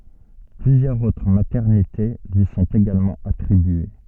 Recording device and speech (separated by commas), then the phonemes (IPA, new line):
soft in-ear microphone, read sentence
plyzjœʁz otʁ matɛʁnite lyi sɔ̃t eɡalmɑ̃ atʁibye